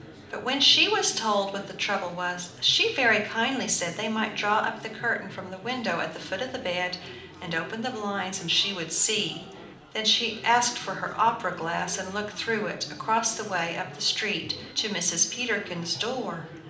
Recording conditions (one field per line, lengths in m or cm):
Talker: one person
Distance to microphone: 2.0 m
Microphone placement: close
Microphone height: 99 cm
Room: medium-sized (5.7 m by 4.0 m)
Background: babble